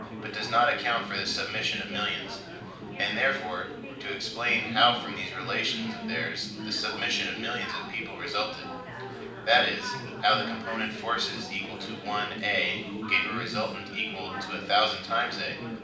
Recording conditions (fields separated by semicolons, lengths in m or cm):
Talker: one person; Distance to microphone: 5.8 m; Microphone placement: far; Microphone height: 1.8 m; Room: medium-sized (5.7 m by 4.0 m); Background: babble